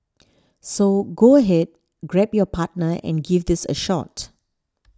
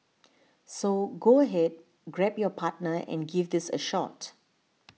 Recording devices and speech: standing microphone (AKG C214), mobile phone (iPhone 6), read sentence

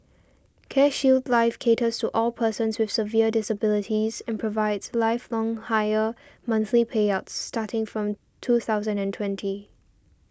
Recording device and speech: standing microphone (AKG C214), read sentence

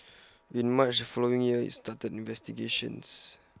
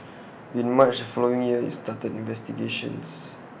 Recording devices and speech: close-talking microphone (WH20), boundary microphone (BM630), read sentence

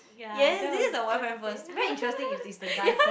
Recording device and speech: boundary microphone, conversation in the same room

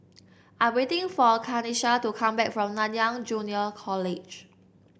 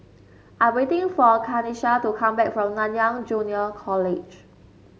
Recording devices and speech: boundary microphone (BM630), mobile phone (Samsung S8), read sentence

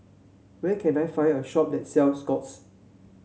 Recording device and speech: mobile phone (Samsung C7), read sentence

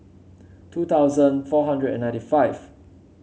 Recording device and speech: mobile phone (Samsung C7), read sentence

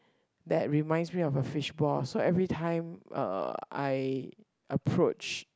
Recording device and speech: close-talking microphone, conversation in the same room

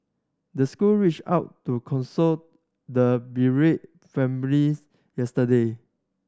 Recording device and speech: standing microphone (AKG C214), read sentence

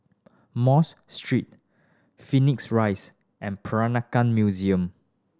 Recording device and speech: standing microphone (AKG C214), read sentence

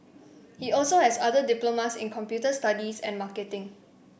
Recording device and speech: boundary microphone (BM630), read sentence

